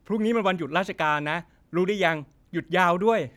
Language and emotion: Thai, neutral